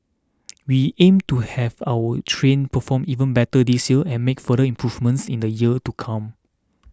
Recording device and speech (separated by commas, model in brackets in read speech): standing microphone (AKG C214), read sentence